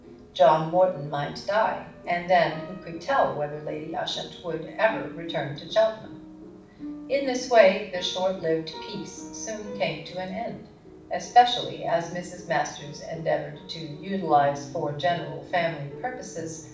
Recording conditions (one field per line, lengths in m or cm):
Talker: one person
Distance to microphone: 5.8 m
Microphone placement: far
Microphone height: 1.8 m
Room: medium-sized (5.7 m by 4.0 m)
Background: music